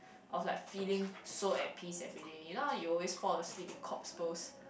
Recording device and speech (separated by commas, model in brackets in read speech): boundary microphone, conversation in the same room